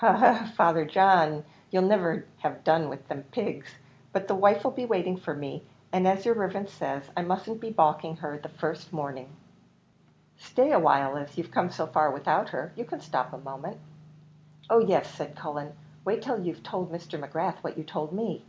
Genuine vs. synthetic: genuine